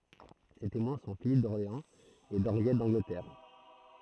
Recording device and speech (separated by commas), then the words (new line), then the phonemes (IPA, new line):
throat microphone, read sentence
Ses témoins sont Philippe d'Orléans et d'Henriette d'Angleterre.
se temwɛ̃ sɔ̃ filip dɔʁleɑ̃z e dɑ̃ʁjɛt dɑ̃ɡlətɛʁ